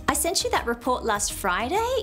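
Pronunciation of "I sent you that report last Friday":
The voice rises at the end of this statement, even though it is not a question. The rise is a bit exaggerated.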